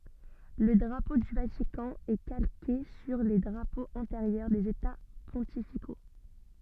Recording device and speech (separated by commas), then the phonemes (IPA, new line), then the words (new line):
soft in-ear microphone, read sentence
lə dʁapo dy vatikɑ̃ ɛ kalke syʁ le dʁapoz ɑ̃teʁjœʁ dez eta pɔ̃tifiko
Le drapeau du Vatican est calqué sur les drapeaux antérieurs des États pontificaux.